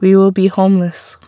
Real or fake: real